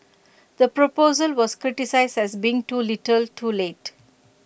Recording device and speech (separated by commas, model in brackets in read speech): boundary microphone (BM630), read sentence